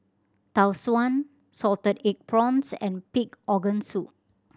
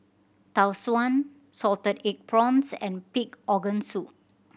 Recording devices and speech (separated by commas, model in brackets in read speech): standing microphone (AKG C214), boundary microphone (BM630), read sentence